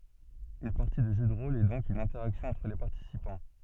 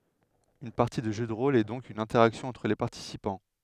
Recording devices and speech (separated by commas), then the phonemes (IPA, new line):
soft in-ear microphone, headset microphone, read sentence
yn paʁti də ʒø də ʁol ɛ dɔ̃k yn ɛ̃tɛʁaksjɔ̃ ɑ̃tʁ le paʁtisipɑ̃